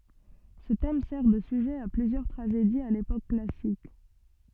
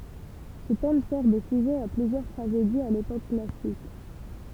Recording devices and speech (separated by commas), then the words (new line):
soft in-ear microphone, temple vibration pickup, read sentence
Ce thème sert de sujet à plusieurs tragédies à l'époque classique.